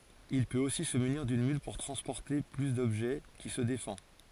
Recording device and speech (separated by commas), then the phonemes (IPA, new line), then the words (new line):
forehead accelerometer, read sentence
il pøt osi sə myniʁ dyn myl puʁ tʁɑ̃spɔʁte ply dɔbʒɛ ki sə defɑ̃
Il peut aussi se munir d'une mule pour transporter plus d'objets, qui se défend.